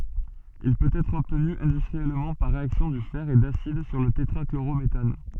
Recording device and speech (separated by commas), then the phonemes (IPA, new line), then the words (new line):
soft in-ear microphone, read sentence
il pøt ɛtʁ ɔbtny ɛ̃dystʁiɛlmɑ̃ paʁ ʁeaksjɔ̃ dy fɛʁ e dasid syʁ lə tetʁakloʁometan
Il peut être obtenu industriellement par réaction du fer et d'acide sur le tétrachlorométhane.